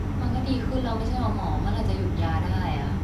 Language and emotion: Thai, frustrated